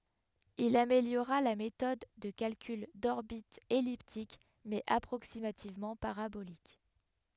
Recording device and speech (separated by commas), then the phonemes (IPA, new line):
headset microphone, read sentence
il ameljoʁa la metɔd də kalkyl dɔʁbitz ɛliptik mɛz apʁoksimativmɑ̃ paʁabolik